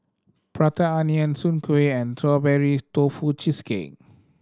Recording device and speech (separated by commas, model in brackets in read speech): standing microphone (AKG C214), read sentence